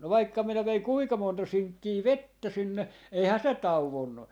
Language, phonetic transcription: Finnish, no 'vaikka minä 'veiŋ "kuika 'monta 'siŋkkii "vettä 'sinne 'eihää 'se "tau₍onnu .
- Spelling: no vaikka minä vein kuinka monta sinkkiä vettä sinne eihän se tauonnut

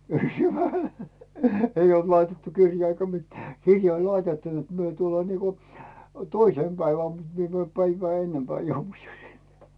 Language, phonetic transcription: Finnish, 'eij ‿olt 'laitettu "kirjaa eikä 'mitᴀ̈ , "kirja oĺ 'laitettu net myö tullaa niiko , "toisèm 'päiväm mut mie määm 'päivää "ennempää 'jouvu ʲᵒ sinne .
- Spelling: ei ollut laitettu kirjaa eikä mitään kirja oli laitettu että me tullaan niin kuin toisena päivänä mutta minä menen päivää ennempään joudun jo sinne

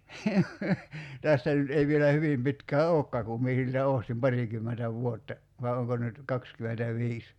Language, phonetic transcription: Finnish, 'tästä nyt 'ei vielä "hyvim pitkää "ookkaa kum 'mie siltä "òstim "parikymmentä 'vuotta , vài̬ 'oŋko nyt , "kakskymentä'viis .
- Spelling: tästä nyt ei vielä hyvin pitkää olekaan kun minä siltä ostin parikymmentä vuotta vai onko nyt kaksikymmentäviisi

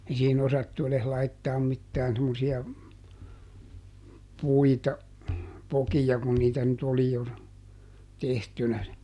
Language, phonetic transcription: Finnish, ei siihiˈn ‿osattu eles ˈlaittaam mittään semmosi₍a , ˈpuita , "pokija kun niitä nyt ˈoli jo , ˈtehtynä si- ,.
- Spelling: ei siihen osattu edes laittaa mitään semmoisia puita pokia kun niitä nyt oli jo tehtynä -

